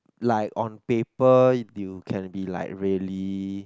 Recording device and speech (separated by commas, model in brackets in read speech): close-talking microphone, conversation in the same room